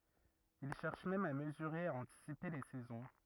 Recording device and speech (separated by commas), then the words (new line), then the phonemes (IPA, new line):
rigid in-ear microphone, read sentence
Il cherche même à mesurer et à anticiper les saisons.
il ʃɛʁʃ mɛm a məzyʁe e a ɑ̃tisipe le sɛzɔ̃